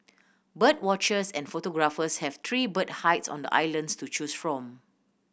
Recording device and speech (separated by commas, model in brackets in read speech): boundary microphone (BM630), read sentence